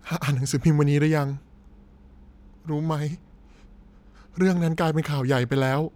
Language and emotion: Thai, sad